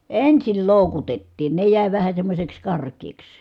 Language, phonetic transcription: Finnish, ensil lòukutettiin ne jä̀i vähä semmośeks kark̀eeks .
- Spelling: ensin loukutettiin ne jäi vähän semmoiseksi karkeaksi

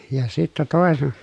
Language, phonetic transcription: Finnish, ja sittä tòese- ,.
- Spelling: ja sitten -

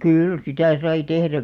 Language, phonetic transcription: Finnish, kyyl sitä̀ sai 'tehrä .
- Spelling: kyllä sitä sai tehdä

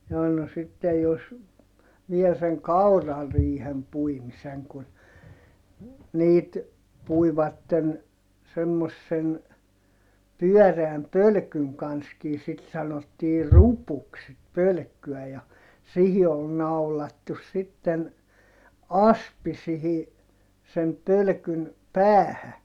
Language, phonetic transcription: Finnish, jaa no sittej jos , viel seŋ kaurariihem puimiseŋ kun , niit , puivatten , semmossen , pyɔ̈̀reäm pölkyŋ kanskii sit sanottii rupuks sit pölkky₍ä ja , sihi ol naulattus sitten , aspi sihi , sem pölkyn , päähä .
- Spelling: jaa no sitten jos vielä sen kaurariihen puimisen kun niitä puivat semmoisen pyöreän pölkyn kanssakin sitten sanottiin rupuksi sitten pölkkyä ja siihen oli naulattu sitten aspi siihen sen pölkyn päähän

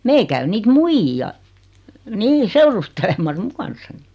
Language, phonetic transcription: Finnish, 'meil käy 'niit "muijji₍a , 'nii "seurustelemas 'mu kanssani .
- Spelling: meillä käy niitä muijia niin seurustelemassa minun kanssani

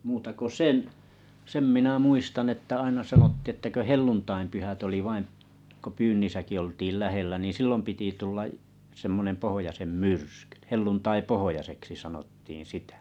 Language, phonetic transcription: Finnish, muuta ko "sen , 'sem minä 'muistan että 'aina 'sanottii ᵉttä kö "hel̆luntaimpyhät oli 'vaim , ko 'pyynnisäki oltiil 'lähellä nìn̬ 'sillom piti tulla’ , semmonem 'pohojasem "myrskʏ 'helluntai"pohojaseksi sanottiiḭ 'sitä .
- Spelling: muuta kuin sen sen minä muistan että aina sanottiin että kun helluntainpyhät oli vain kun pyynnissäkin oltiin lähellä niin silloin piti tulla semmoinen pohjoisen myrsky helluntaipohjoiseksi sanottiin sitä

